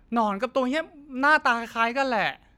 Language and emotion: Thai, frustrated